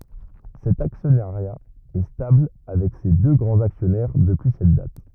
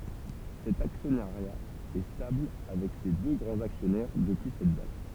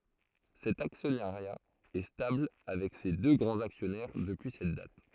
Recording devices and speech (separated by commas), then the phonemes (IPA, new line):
rigid in-ear microphone, temple vibration pickup, throat microphone, read sentence
sɛt aksjɔnaʁja ɛ stabl avɛk se dø ɡʁɑ̃z aksjɔnɛʁ dəpyi sɛt dat